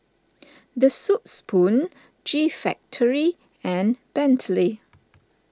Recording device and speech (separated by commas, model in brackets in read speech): standing microphone (AKG C214), read sentence